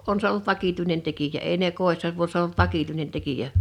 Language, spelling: Finnish, on se ollut vakituinen tekijä ei ne kodissa kun se on ollut vakituinen tekijä
- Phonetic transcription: 'on se ol(lu)t "vakituinen 'tekijä 'èi ne 'kòḙssa kun̬ s ‿(o) ‿olt 'vakituinen 'tekijä .

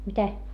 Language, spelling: Finnish, mitä
- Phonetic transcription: mitä ?

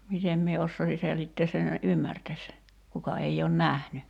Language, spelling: Finnish, miten minä osaisin selittää sen että ymmärtäisi kuka ei ole nähnyt
- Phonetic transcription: 'mitem mie 'ossoisi selittees sen ‿e[ttä?] "’ymmärtäś , 'kuka ei oon "nähny .

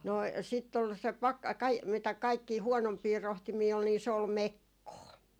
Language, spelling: Finnish, no sitten oli se - - mitä kaikkia huonompia rohtimia oli niin se oli mekkoa
- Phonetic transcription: 'no , sitt ‿ol se 'pakka- , 'kai- , mitä kaikkii 'huɔnompii 'rohtimii ol , ni se ‿ol "mekkoo .

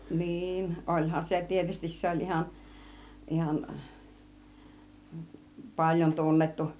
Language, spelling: Finnish, niin olihan se tietysti se oli ihan ihan paljon tunnettu
- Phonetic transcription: 'niin , 'oĺhan se 'tietystis se oĺ ihan , 'ihan , 'paĺjon 'tunnettu .

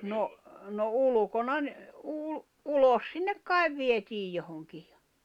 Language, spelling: Finnish, no no ulkona - - ulos sinne kai vietiin johonkin ja
- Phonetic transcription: 'no , no 'ulᵘkona ‿n- , ul- , 'ulos sinnek 'kai̬v 'vietiij 'johoŋkɪᴊ ᴊᴀ ,.

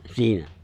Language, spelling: Finnish, siinä
- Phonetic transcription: 'siinä .

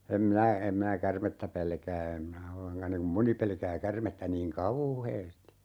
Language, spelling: Finnish, en minä en minä käärmettä pelkää en minä ollenkaan niin kuin moni pelkää käärmettä niin kauheasti
- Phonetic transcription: em 'minä , 'em minä "kärmettä 'pelkää em minä 'olleŋka niŋ kum 'moni pelkää 'kärmettä niiŋ "kaùheesti .

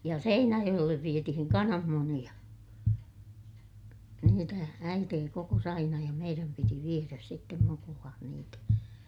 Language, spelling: Finnish, ja Seinäjoelle vietiin kananmunia niitä äiti kokosi aina ja meidän piti viedä sitten mukuloiden niitä
- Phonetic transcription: ja Seinäjoʲellev vietihiŋ kanammuniʲa , niitä , äitee kokos ‿aina ja meiräm piti vieräs sittem mukulaan niitä .

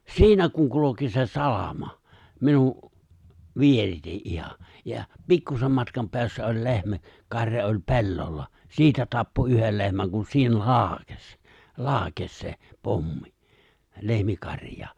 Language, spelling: Finnish, siinä kun kulki se salama minun vierestä ihan ja pikkuisen matkan päässä oli lehmä karja oli pellolla siitä tappoi yhden lehmän kun siihen laukesi laukesi se pommi lehmikarjaan
- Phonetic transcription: siinä kuŋ 'kuloki se 'salama , 'minu’ , 'vierite’ '’iha , ja , 'pikkusem matkam peässä oĺ 'le̬hmä , 'kar̀ja oĺ "pe̬llolla , 'siitä tappo 'yhel le̬hmäŋ kun sii(hen) "laakes , "laakes se , 'pommi , 'lehmikaŕj̀aa .

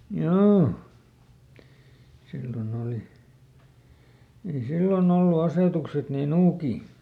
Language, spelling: Finnish, joo silloin oli ei silloin ollut asetukset niin nuukia
- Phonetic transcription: ˈjoo , ˈsilloˈn ‿òli , ei "sillo"n ‿ollu ˈasètukset nii "nuukii .

